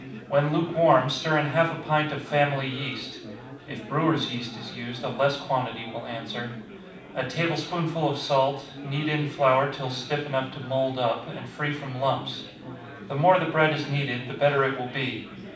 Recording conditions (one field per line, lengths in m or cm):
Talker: one person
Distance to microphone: 5.8 m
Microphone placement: far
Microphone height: 1.8 m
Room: medium-sized (5.7 m by 4.0 m)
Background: babble